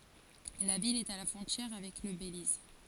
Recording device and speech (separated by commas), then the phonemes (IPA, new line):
forehead accelerometer, read sentence
la vil ɛt a la fʁɔ̃tjɛʁ avɛk lə beliz